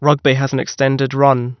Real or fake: real